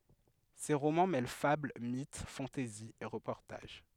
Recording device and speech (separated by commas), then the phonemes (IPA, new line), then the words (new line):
headset microphone, read sentence
se ʁomɑ̃ mɛl fabl mit fɑ̃tɛzi e ʁəpɔʁtaʒ
Ses romans mêlent fable, mythe, fantaisie et reportage.